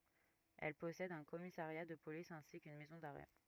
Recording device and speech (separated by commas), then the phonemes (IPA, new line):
rigid in-ear microphone, read sentence
ɛl pɔsɛd œ̃ kɔmisaʁja də polis ɛ̃si kyn mɛzɔ̃ daʁɛ